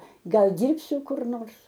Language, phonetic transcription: Lithuanian, ˈgal ˈdyrbsiu kur ˈnors

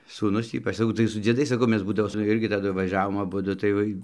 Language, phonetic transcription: Lithuanian, sūˈnus ˈypač saˈkau tai su dzieˈdais saˈkau ˈmes ˈbūdavo su ˈirgi taˈdu vaˈžiavom aˈbudu tai ˈvai

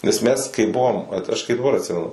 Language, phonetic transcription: Lithuanian, nes ˈmes kai ˈbuvom ˈvat aš kai daˈbar atˈsimenu

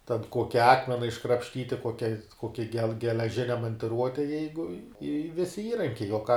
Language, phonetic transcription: Lithuanian, ten ˈkuoki ˈakmena iškrapšˈtyti ˈkokia ˈkoki gel geleˈžine mantiˈruote ˈjeigu i i ˈvisi ˈįrankiai o ką

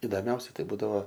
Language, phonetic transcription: Lithuanian, idoˈmiausia ˈtai ˈbūdavo

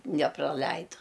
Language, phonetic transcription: Lithuanian, nepraˈleidu

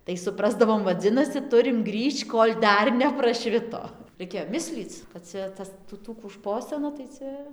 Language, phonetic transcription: Lithuanian, tai suˈprasdavom vaˈdzinasi ˈturim ˈgrįžč ˈkol' ˈdar nepraˈšvito raiˈkėjo ˈmislyc kad ˈcia ˈtas tų ˈtų kų ˈšposina tai ˈcia

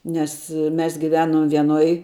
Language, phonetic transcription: Lithuanian, nes ˈmes giˈvenom vieˈnoj

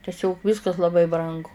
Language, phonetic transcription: Lithuanian, teˈsiog ˈviskas laˈbai ˈbrangu

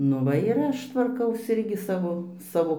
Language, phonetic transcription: Lithuanian, ˈnu ˈva ir ˈaš tvarˈkaus ˈirgi ˈsavo ˈsavo

